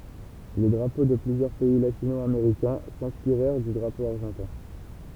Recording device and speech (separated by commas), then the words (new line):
temple vibration pickup, read sentence
Les drapeaux de plusieurs pays latino-américains s'inspirèrent du drapeau argentin.